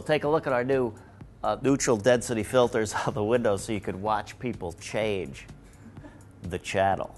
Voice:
nasal voice